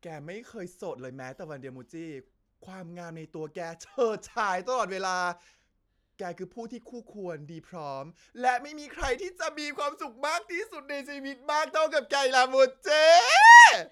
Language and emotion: Thai, happy